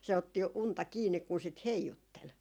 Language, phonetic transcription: Finnish, se otti 'unta 'kiinnik kun sit "heijuttel .
- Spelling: se otti unta kiinni kun sitä heijutteli

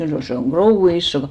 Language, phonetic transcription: Finnish, se oŋ "krouvvi 'isso ka- ,.
- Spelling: se on krouvia isoa -

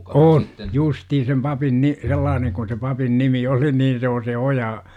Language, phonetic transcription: Finnish, on , "justii sem 'papin ni- , 'sellaaneŋ kun̬ se 'papin 'nimi 'oli nii se o se "oja , .
- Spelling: on justiin sen papin niin sellainen kuin se papin nimi oli niin se on se oja

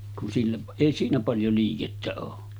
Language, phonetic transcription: Finnish, kun silleˀ , èi siinä paljo 'liikettä oo .
- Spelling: kun sille ei siinä paljon liikettä ole

